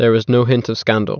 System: none